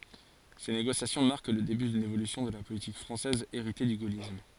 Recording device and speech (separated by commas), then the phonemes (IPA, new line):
forehead accelerometer, read sentence
se neɡosjasjɔ̃ maʁk lə deby dyn evolysjɔ̃ də la politik fʁɑ̃sɛz eʁite dy ɡolism